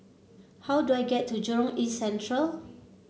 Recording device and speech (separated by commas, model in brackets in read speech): mobile phone (Samsung C7), read sentence